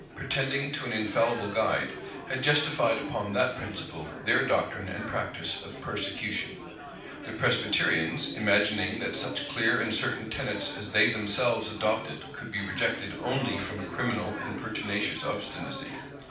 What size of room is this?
A mid-sized room (about 5.7 m by 4.0 m).